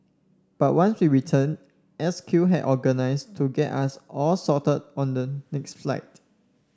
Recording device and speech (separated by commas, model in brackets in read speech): standing microphone (AKG C214), read sentence